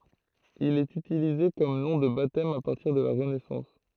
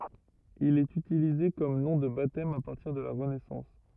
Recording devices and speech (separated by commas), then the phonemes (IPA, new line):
throat microphone, rigid in-ear microphone, read sentence
il ɛt ytilize kɔm nɔ̃ də batɛm a paʁtiʁ də la ʁənɛsɑ̃s